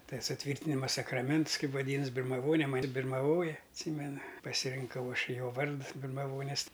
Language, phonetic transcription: Lithuanian, ˈtai suˈtvyrtinima sakraˈments ˈkaip vaˈdynas birmaˈvone ˈmani birmaˈvoja atˈsymena pasirinˈkau ˈaš ˈjo ˈvards birmaˈvonis

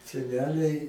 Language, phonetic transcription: Lithuanian, seˈneliai

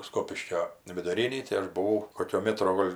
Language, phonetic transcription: Lithuanian, ˈskopiškio viduˈrinį tai ˈaš buˈvau ˈkokio ˈmetro ˈgol'

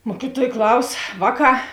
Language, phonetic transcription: Lithuanian, ˈmuokiˌtuoj ˈklaus ˈvāˌkā

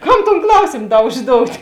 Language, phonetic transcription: Lithuanian, ˈkam ton ˈklausėm ˈda užˈdout'

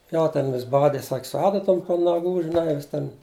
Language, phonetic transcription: Lithuanian, ˈjo ˈten vis ˈbadi sak' su ˈadatom po naˈgų žiˈnai vis ˈten

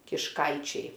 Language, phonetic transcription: Lithuanian, kišˈkaičiai

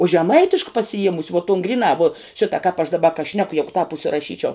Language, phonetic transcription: Lithuanian, u žeˈmaitišk pasiˈjiemusi vuo ton griˈnā vuo ˈšita kāp aš daˈba ka ˈšneku ˈjegu tāp užsiraˈšyčiau

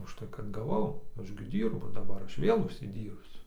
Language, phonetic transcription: Lithuanian, užˈtai kad gaˈvau ˈaš gi ˈdyrbu daˈbar ˈaš ˈvėl užsiˈdyrbsiu

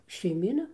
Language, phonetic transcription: Lithuanian, šeiˈmyna

